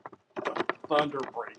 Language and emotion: English, disgusted